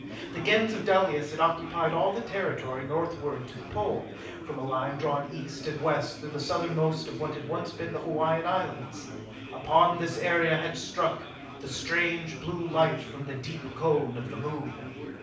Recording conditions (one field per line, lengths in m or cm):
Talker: one person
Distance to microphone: 5.8 m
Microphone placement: far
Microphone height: 1.8 m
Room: medium-sized (5.7 m by 4.0 m)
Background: babble